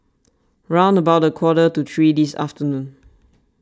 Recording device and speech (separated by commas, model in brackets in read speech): standing microphone (AKG C214), read sentence